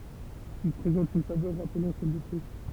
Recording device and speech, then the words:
temple vibration pickup, read sentence
Il présente une saveur rappelant celle des fruits.

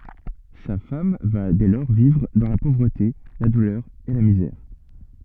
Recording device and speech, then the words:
soft in-ear microphone, read sentence
Sa femme va dès lors vivre dans la pauvreté, la douleur et la misère.

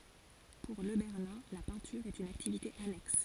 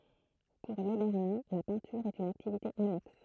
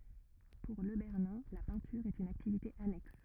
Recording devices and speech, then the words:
forehead accelerometer, throat microphone, rigid in-ear microphone, read sentence
Pour Le Bernin, la peinture est une activité annexe.

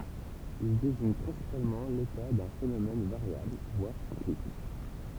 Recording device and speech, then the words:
temple vibration pickup, read sentence
Il désigne principalement l'état d'un phénomène, variable, voire cyclique.

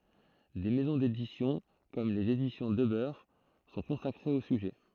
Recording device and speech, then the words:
throat microphone, read sentence
Des maisons d'édition, comme Les Éditions Debeur, sont consacrées au sujet.

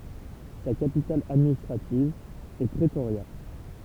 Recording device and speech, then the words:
temple vibration pickup, read sentence
Sa capitale administrative est Pretoria.

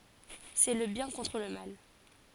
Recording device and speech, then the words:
forehead accelerometer, read sentence
C'est le bien contre le mal.

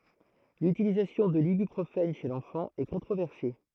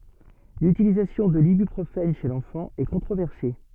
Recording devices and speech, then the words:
throat microphone, soft in-ear microphone, read sentence
L'utilisation de l'ibuprofène chez l'enfant est controversée.

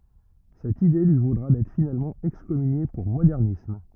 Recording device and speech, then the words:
rigid in-ear microphone, read sentence
Cette idée lui vaudra d'être finalement excommunié pour modernisme.

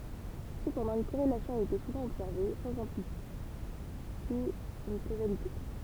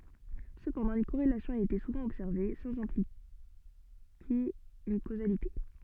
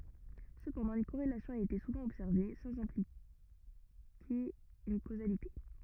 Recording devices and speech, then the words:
temple vibration pickup, soft in-ear microphone, rigid in-ear microphone, read sentence
Cependant, une corrélation a été souvent observée, sans impliquer une causalité.

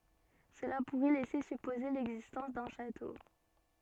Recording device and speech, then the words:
soft in-ear microphone, read sentence
Cela pourrait laisser supposer l'existence d'un château.

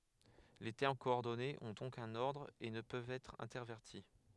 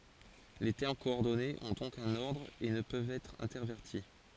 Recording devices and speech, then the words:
headset microphone, forehead accelerometer, read sentence
Les termes coordonnés ont donc un ordre et ne peuvent être intervertis.

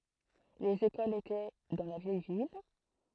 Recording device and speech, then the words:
throat microphone, read sentence
Les écoles étaient dans la vieille ville.

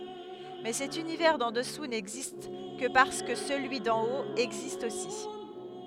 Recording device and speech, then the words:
headset microphone, read sentence
Mais cet univers d'En dessous n'existe que parce que celui d'En haut existe aussi.

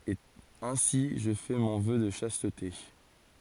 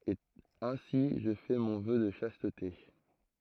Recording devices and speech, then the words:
forehead accelerometer, throat microphone, read sentence
Et ainsi je fais mon Vœu de Chasteté.

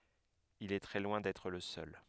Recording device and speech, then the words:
headset microphone, read sentence
Il est très loin d'être le seul.

